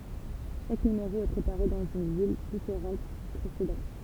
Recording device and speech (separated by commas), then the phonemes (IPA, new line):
temple vibration pickup, read sentence
ʃak nymeʁo ɛ pʁepaʁe dɑ̃z yn vil difeʁɑ̃t dy pʁesedɑ̃